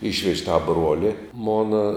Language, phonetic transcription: Lithuanian, ˈyšvež' ta ˈbruoli ˈmona

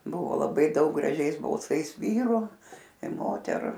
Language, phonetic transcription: Lithuanian, ˈbuvo laˈbai ˈdaug graˈžiais balˈsais ˈvyru i ˈmoteru

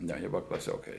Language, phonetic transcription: Lithuanian, ˈnu jie ˈbuva klaˈsiokai

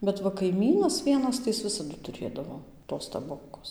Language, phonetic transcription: Lithuanian, bet ˈva kaiˈmynas ˈvienas tai ˈjis ˈvisadu tuˈrėdavo tos taˈbokos

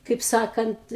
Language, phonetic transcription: Lithuanian, kaip ˈsakant

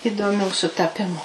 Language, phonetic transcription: Lithuanian, idoˈmių sutaˈpimu

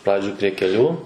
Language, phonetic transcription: Lithuanian, ˈpradžioj prie keˈlių

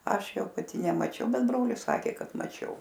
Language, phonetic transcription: Lithuanian, ˈaš ˈjau paˈti nemaˈčiau ˈbet ˈbrolis ˈsakė ˈkad maˈčiau

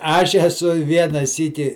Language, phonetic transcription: Lithuanian, ˈaš eˈsu i ˈviena ˈsyki

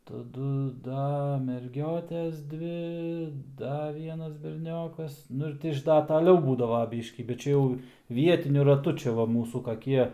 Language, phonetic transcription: Lithuanian, taˈdu ˈda merˈgiotes ˈdvi ˈda ˈvienas berˈniokas ˈnu ir ˈti iš ˈda taˈliau ˈbūdava ˈbyškį bet ˈčia jau ˈvietiniu raˈtu ˈčia va ˈmūsų kaˈkie

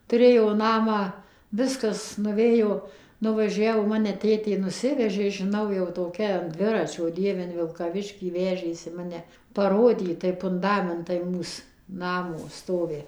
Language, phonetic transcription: Lithuanian, tuˈrėjo ˈnamą ˈviskas nuˈvėjo nuvaˈžiavo ˈmane ˈtėtė nuˈsivežė žiˈnau jau toˈkia an ˈdviračio ˈdieve in vilkaˈviškį ˈvežėsi ˈmane paˈrodyt tai punˈdamentai ˈmūs ˈnamo ˈstovi

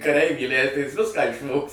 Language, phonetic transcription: Lithuanian, kaˈreivį įˈlæidai jis ˈviską išˈvogs

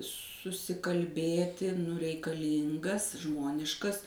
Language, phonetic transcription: Lithuanian, susikalˈbėti nu reikaˈlyngas ˈžmoniškas

